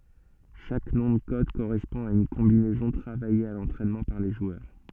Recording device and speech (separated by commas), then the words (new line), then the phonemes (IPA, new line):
soft in-ear microphone, read sentence
Chaque nom de code correspond à une combinaison travaillée à l'entraînement par les joueurs.
ʃak nɔ̃ də kɔd koʁɛspɔ̃ a yn kɔ̃binɛzɔ̃ tʁavaje a lɑ̃tʁɛnmɑ̃ paʁ le ʒwœʁ